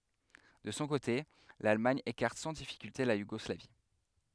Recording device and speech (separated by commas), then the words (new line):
headset microphone, read sentence
De son côté l'Allemagne écarte sans difficulté la Yougoslavie.